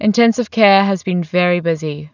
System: none